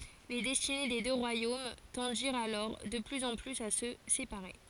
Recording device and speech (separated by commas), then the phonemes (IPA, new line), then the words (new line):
forehead accelerometer, read sentence
le dɛstine de dø ʁwajom tɑ̃diʁt alɔʁ də plyz ɑ̃ plyz a sə sepaʁe
Les destinées des deux royaumes tendirent alors de plus en plus à se séparer.